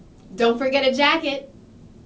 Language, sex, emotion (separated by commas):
English, female, neutral